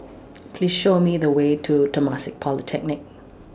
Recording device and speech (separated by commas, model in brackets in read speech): standing microphone (AKG C214), read sentence